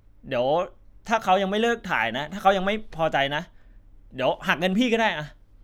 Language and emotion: Thai, frustrated